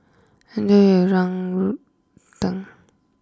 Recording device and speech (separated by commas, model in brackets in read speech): close-talking microphone (WH20), read sentence